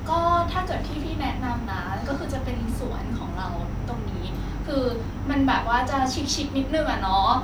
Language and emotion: Thai, happy